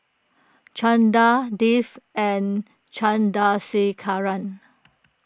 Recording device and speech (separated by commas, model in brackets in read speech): close-talking microphone (WH20), read sentence